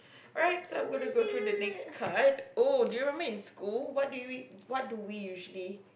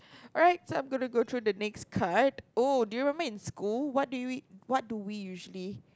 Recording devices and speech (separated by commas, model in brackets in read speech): boundary microphone, close-talking microphone, conversation in the same room